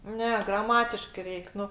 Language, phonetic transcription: Lithuanian, ˈne graˈmatiškɜ ˈreik ˈnu

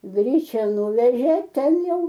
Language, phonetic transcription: Lithuanian, ˈgryčia ˈnuvežė ˈten ˈjau

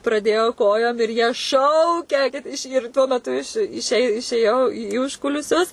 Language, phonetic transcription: Lithuanian, praˈdėjo ˈkojom ir jie ˈšaukia kad iš ir tuo meˈtu iš iše išėˈjau į ˈužkulisius

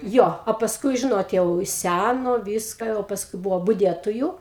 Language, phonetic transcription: Lithuanian, ˈjo o pasˈkui ˈžinot ˈjau ˈsæno ˈvyska jau pasˈkui ˈbuvo buˈdietoju

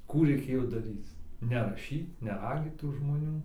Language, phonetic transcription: Lithuanian, ˈkų reiˈkėjo daˈryc neraˈšyt neˈragyt tų žmoˈnių

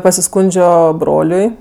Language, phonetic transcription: Lithuanian, pasiˈskundžio ˈbroliui

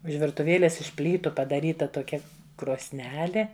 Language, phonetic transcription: Lithuanian, už virtuˈvėlės iš ˈplytu padaˈryta toˈkia krosˈnelė

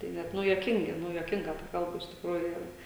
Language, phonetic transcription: Lithuanian, tai ˈnet ˈnu juoˈkingi ˈnu juoˈkinga ta ˈkalba iš tikˈrųju jau

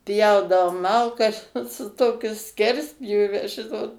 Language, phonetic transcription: Lithuanian, ˈpjaudavom ˈmalkas ˈot su ˈtokiu ˈskerspjūve ˈžinot

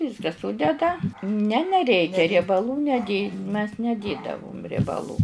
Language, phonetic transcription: Lithuanian, ˈvyska ˈsudeda ne neˈreikia riebaˈlų neˈdė mes neˈdėdavum riebaˈlų

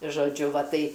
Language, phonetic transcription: Lithuanian, žoˈdžiu ˈva ˈtai

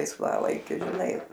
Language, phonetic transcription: Lithuanian, laisˈvalaikiu žiˈnai

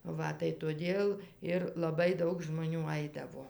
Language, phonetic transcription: Lithuanian, ˈva tai toˈdėl ˈir laˈbai ˈdaug žmoˈnių ˈaidavo

